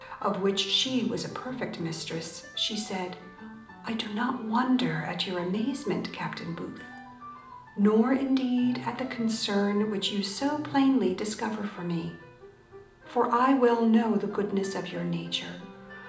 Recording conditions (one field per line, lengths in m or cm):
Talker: one person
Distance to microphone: 2.0 m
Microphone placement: close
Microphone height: 99 cm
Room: medium-sized (5.7 m by 4.0 m)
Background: music